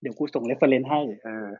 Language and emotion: Thai, neutral